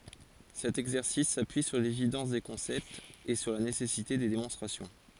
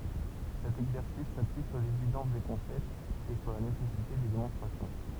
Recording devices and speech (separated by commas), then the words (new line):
forehead accelerometer, temple vibration pickup, read sentence
Cet exercice s'appuie sur l'évidence des concepts et sur la nécessité des démonstrations.